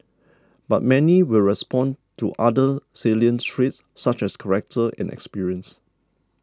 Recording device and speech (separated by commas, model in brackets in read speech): standing microphone (AKG C214), read sentence